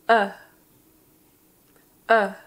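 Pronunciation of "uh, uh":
Both 'uh' sounds are the schwa sound, a short vowel.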